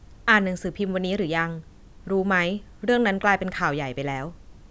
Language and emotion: Thai, neutral